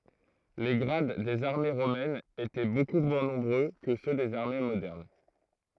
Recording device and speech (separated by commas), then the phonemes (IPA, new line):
throat microphone, read sentence
le ɡʁad dez aʁme ʁomɛnz etɛ boku mwɛ̃ nɔ̃bʁø kə sø dez aʁme modɛʁn